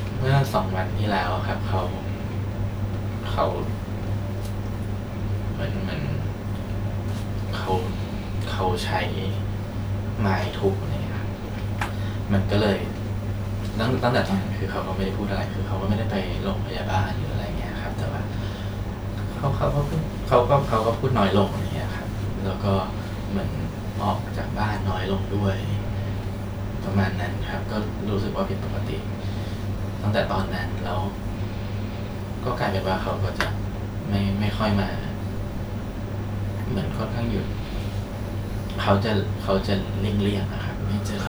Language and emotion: Thai, sad